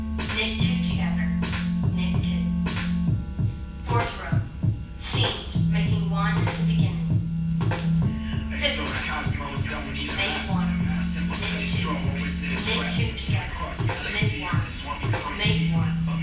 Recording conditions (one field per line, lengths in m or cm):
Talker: one person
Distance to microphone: 9.8 m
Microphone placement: far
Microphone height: 1.8 m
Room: large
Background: music